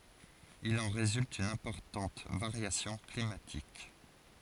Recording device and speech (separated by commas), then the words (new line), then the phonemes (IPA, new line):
forehead accelerometer, read sentence
Il en résulte une importante variation climatique.
il ɑ̃ ʁezylt yn ɛ̃pɔʁtɑ̃t vaʁjasjɔ̃ klimatik